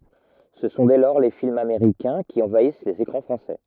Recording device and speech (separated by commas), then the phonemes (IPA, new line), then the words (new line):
rigid in-ear microphone, read sentence
sə sɔ̃ dɛ lɔʁ le filmz ameʁikɛ̃ ki ɑ̃vais lez ekʁɑ̃ fʁɑ̃sɛ
Ce sont dès lors les films américains qui envahissent les écrans français.